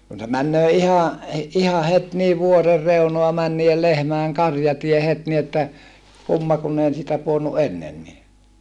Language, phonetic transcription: Finnish, kun se männöö ihàʼ , iha het nii vuorer reunoa män nii₍el lehmäeŋ karjatie het ni että , kumma kunn ‿ei ‿ siitä puonnu ʼennenni .
- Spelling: kun se menee ihan ihan heti niin vuoren reunaa meni niiden lehmien karjatie heti niin että kumma kun ei siitä pudonnut ennenkin

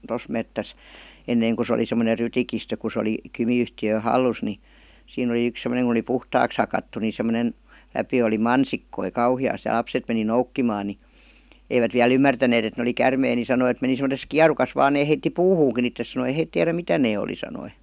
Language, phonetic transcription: Finnish, 'tos mettäs , 'enneiŋ ku se oli semmone "rytikistö ku se 'oli , 'Kymi₍yhti₍ö "hallus ni , 'siin ‿oli yks sem°neŋ kᵘn ‿oli "puhtaaks hakattu ni sem̆monen , 'läpi oli "mansikkoi "kauhi₍às ja ('l)apset meni "noukkimaa ni , 'eivät viä'l ‿ymmärtäneet et ne oli "kärmei ni sanoi [e]t meni sem°tes "kiarukas vaan 'nee » heitti "puhuuŋki ittes « sanoi ei » 'heit tiärä "mitä 'nee oli « sanoi .
- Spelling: tuossa metsässä ennen kun se oli semmoinen rytikistö kun se oli Kymi-yhtiön hallussa niin siinä oli yksi semmoinen kun oli puhtaaksi hakattu niin semmoinen läpi oli mansikoita kauheasti ja lapset meni noukkimaan niin eivät vielä ymmärtäneet että ne oli käärmeitä niin sanoi että meni semmoisessa kierukassa vain ne heitti puuhunkin itsensä sanoi ei he tiedä mitä ne oli sanoi

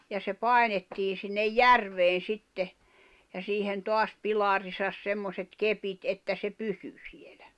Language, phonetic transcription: Finnish, ja se 'pài̬nettii sinnej "järveen̬ 'sitte , ja siihen 'toas 'pilarisas 'semmoset 'kepit että se 'pysy sɪᴇʟᴀ̈ .
- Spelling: ja se painettiin sinne järveen sitten ja siihen taas pilariinsa semmoiset kepit että se pysyi siellä

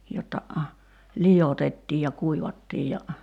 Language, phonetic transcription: Finnish, jotta , 'lijotettiij ja 'kuivattiij ja ,.
- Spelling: jotta liotettiin ja kuivattiin ja

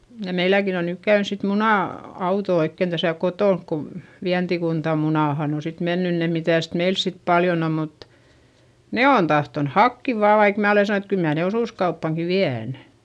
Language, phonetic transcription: Finnish, ja meiläkin ‿on nyk käyns sit munà- , -auto oikken Däsä̀ kotònk ko , Viäntikunta Munàhan ‿o sit mennyn ne - mitä̀st meils sit paljon ‿om mut , ne on tahton hakki vaa vaik mää ole sanon ‿et kyl mää ne osùskauppàŋki vi₍ä̀n .
- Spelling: ja meilläkin on nyt käynyt sitten - muna-auto oikein tässä kotona kun Vientikunta Munaanhan on sitten mennyt ne mitäs meillä sitten paljon on mutta ne on tahtonut hakea vain vaikka minä olen sanonut että kyllä minä ne osuuskauppaankin vien

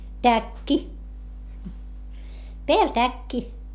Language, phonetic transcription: Finnish, täkki , peäl täkki .
- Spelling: täkki päällä täkki

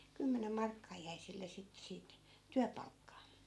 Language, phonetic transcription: Finnish, 'kymmenem "markkaa jäi sille sittᵉ siit , 'tyäpalkkaa .
- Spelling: kymmenen markkaa jäi sille sitten siitä työpalkkaa

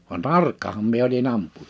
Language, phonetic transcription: Finnish, van "tarkkaham mie oli'n ‿ampu(ja) .
- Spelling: vaan tarkkahan minä olin ampuja

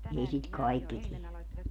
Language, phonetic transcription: Finnish, 'ei sit "kaikki 'tie .
- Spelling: ei sitä kaikki tee

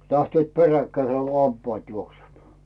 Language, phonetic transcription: Finnish, 'lähtyö̀t 'peräkkäisè ᵏo "lampaat 'juoksemaa « . .
- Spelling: lähtivät peräkkäiseen kuin lampaat juoksemaan

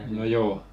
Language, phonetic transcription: Finnish, no 'joo .
- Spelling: no joo

